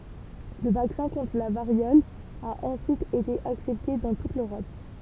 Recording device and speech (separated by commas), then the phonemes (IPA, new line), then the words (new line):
temple vibration pickup, read sentence
lə vaksɛ̃ kɔ̃tʁ la vaʁjɔl a ɑ̃syit ete aksɛpte dɑ̃ tut løʁɔp
Le vaccin contre la variole a ensuite été accepté dans toute l'Europe.